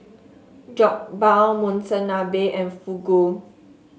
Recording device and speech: mobile phone (Samsung S8), read sentence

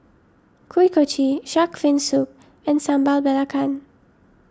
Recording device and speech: standing microphone (AKG C214), read sentence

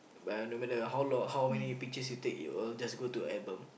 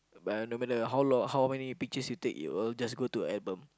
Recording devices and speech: boundary microphone, close-talking microphone, conversation in the same room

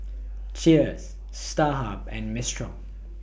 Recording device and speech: boundary microphone (BM630), read sentence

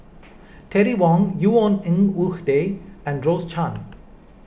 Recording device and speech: boundary microphone (BM630), read sentence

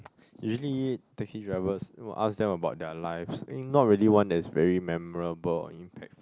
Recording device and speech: close-talking microphone, conversation in the same room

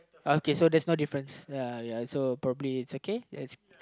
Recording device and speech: close-talking microphone, conversation in the same room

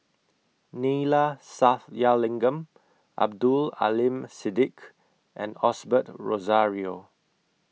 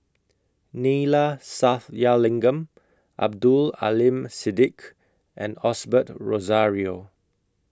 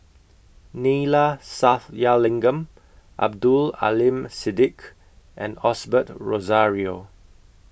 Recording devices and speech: mobile phone (iPhone 6), close-talking microphone (WH20), boundary microphone (BM630), read sentence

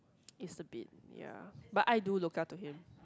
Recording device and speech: close-talking microphone, conversation in the same room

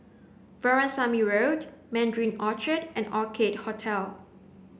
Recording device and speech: boundary microphone (BM630), read sentence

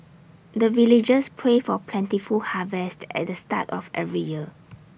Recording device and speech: boundary microphone (BM630), read sentence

